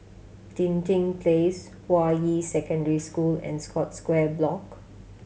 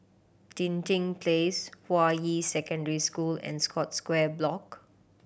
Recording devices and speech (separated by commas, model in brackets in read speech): mobile phone (Samsung C7100), boundary microphone (BM630), read sentence